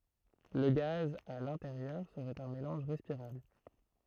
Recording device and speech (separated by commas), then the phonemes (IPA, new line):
throat microphone, read sentence
lə ɡaz a lɛ̃teʁjœʁ səʁɛt œ̃ melɑ̃ʒ ʁɛspiʁabl